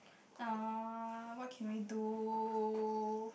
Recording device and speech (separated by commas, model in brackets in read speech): boundary microphone, conversation in the same room